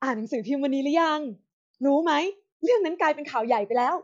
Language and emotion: Thai, happy